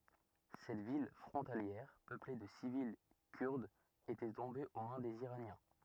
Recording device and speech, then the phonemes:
rigid in-ear microphone, read sentence
sɛt vil fʁɔ̃taljɛʁ pøple də sivil kyʁdz etɛ tɔ̃be o mɛ̃ dez iʁanjɛ̃

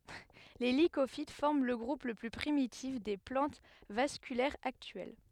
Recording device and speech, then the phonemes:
headset microphone, read sentence
le likofit fɔʁm lə ɡʁup lə ply pʁimitif de plɑ̃t vaskylɛʁz aktyɛl

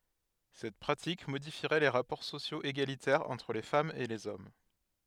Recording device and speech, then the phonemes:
headset microphone, read sentence
sɛt pʁatik modifiʁɛ le ʁapɔʁ sosjoz eɡalitɛʁz ɑ̃tʁ le famz e lez ɔm

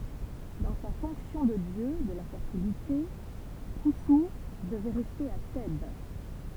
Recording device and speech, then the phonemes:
temple vibration pickup, read sentence
dɑ̃ sa fɔ̃ksjɔ̃ də djø də la fɛʁtilite kɔ̃su dəvɛ ʁɛste a tɛb

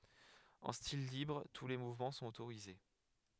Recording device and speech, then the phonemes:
headset microphone, read sentence
ɑ̃ stil libʁ tu le muvmɑ̃ sɔ̃t otoʁize

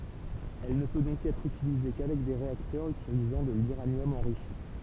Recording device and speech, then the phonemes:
temple vibration pickup, read sentence
ɛl nə pø dɔ̃k ɛtʁ ytilize kavɛk de ʁeaktœʁz ytilizɑ̃ də lyʁanjɔm ɑ̃ʁiʃi

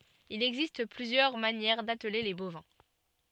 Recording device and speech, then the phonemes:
soft in-ear microphone, read sentence
il ɛɡzist plyzjœʁ manjɛʁ datle le bovɛ̃

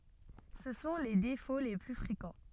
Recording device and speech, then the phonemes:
soft in-ear microphone, read sentence
sə sɔ̃ le defo le ply fʁekɑ̃

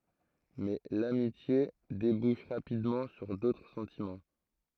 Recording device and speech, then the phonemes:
throat microphone, read sentence
mɛ lamitje debuʃ ʁapidmɑ̃ syʁ dotʁ sɑ̃timɑ̃

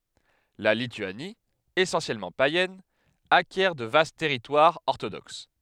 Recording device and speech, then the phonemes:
headset microphone, read sentence
la lityani esɑ̃sjɛlmɑ̃ pajɛn akjɛʁ də vast tɛʁitwaʁz ɔʁtodoks

